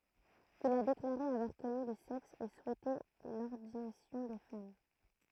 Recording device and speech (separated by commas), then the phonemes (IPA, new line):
throat microphone, read sentence
il a deklaʁe avwaʁ kɔny lə sɛks e suɛte lɔʁdinasjɔ̃ de fam